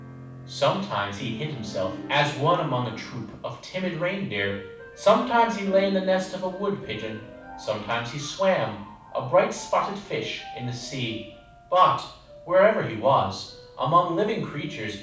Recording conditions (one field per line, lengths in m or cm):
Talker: one person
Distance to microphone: 5.8 m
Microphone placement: far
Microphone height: 1.8 m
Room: medium-sized (5.7 m by 4.0 m)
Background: music